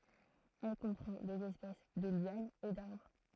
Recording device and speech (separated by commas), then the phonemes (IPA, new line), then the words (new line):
throat microphone, read sentence
ɛl kɔ̃pʁɑ̃ dez ɛspɛs də ljanz e daʁbʁ
Elle comprend des espèces de lianes et d'arbres.